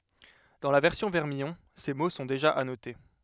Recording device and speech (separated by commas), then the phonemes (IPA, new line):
headset microphone, read sentence
dɑ̃ la vɛʁsjɔ̃ vɛʁmijɔ̃ se mo sɔ̃ deʒa anote